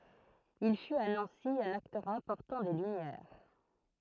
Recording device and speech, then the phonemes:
throat microphone, read sentence
il fyt a nɑ̃si œ̃n aktœʁ ɛ̃pɔʁtɑ̃ de lymjɛʁ

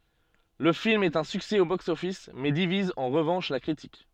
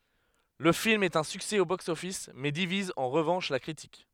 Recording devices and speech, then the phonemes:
soft in-ear microphone, headset microphone, read sentence
lə film ɛt œ̃ syksɛ o bɔks ɔfis mɛ diviz ɑ̃ ʁəvɑ̃ʃ la kʁitik

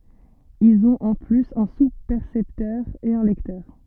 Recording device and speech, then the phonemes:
soft in-ear microphone, read sentence
ilz ɔ̃t ɑ̃ plyz œ̃ suspɛʁsɛptœʁ e œ̃ lɛktœʁ

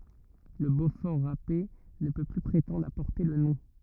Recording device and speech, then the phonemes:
rigid in-ear microphone, read sentence
lə bofɔʁ ʁape nə pø ply pʁetɑ̃dʁ a pɔʁte lə nɔ̃

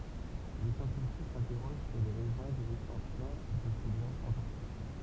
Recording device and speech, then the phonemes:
temple vibration pickup, read sentence
le sjɑ̃tifik sɛ̃tɛʁoʒ syʁ le ʁɛzɔ̃ də lɛkstɑ̃sjɔ̃ də se ɡlasz ɑ̃taʁtik

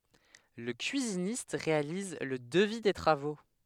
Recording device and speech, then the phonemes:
headset microphone, read sentence
lə kyizinist ʁealiz lə dəvi de tʁavo

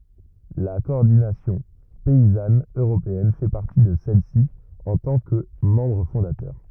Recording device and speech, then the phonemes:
rigid in-ear microphone, read sentence
la kɔɔʁdinasjɔ̃ pɛizan øʁopeɛn fɛ paʁti də sɛlɛsi ɑ̃ tɑ̃ kə mɑ̃bʁ fɔ̃datœʁ

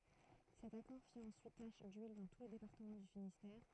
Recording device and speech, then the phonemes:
throat microphone, read sentence
sɛt akɔʁ fi ɑ̃syit taʃ dyil dɑ̃ tu lə depaʁtəmɑ̃ dy finistɛʁ

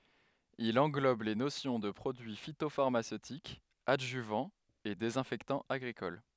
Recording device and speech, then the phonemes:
headset microphone, read sentence
il ɑ̃ɡlɔb le nosjɔ̃ də pʁodyi fitofaʁmasøtik adʒyvɑ̃ e dezɛ̃fɛktɑ̃ aɡʁikɔl

